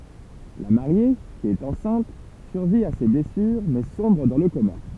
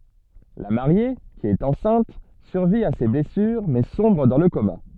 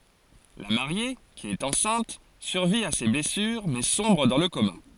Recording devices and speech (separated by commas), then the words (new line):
temple vibration pickup, soft in-ear microphone, forehead accelerometer, read sentence
La Mariée, qui est enceinte, survit à ses blessures mais sombre dans le coma.